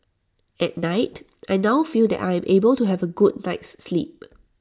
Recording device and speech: standing microphone (AKG C214), read sentence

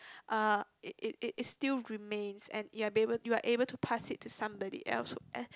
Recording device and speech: close-talking microphone, conversation in the same room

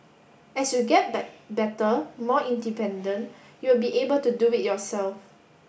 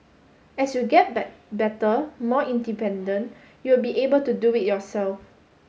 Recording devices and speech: boundary microphone (BM630), mobile phone (Samsung S8), read sentence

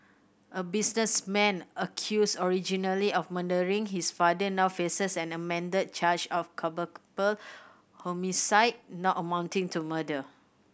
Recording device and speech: boundary microphone (BM630), read sentence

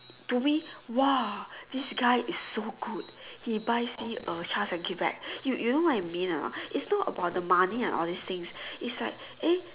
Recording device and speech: telephone, conversation in separate rooms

